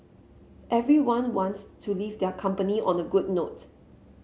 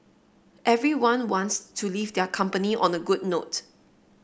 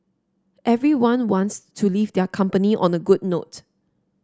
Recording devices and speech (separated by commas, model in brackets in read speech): mobile phone (Samsung C7), boundary microphone (BM630), standing microphone (AKG C214), read sentence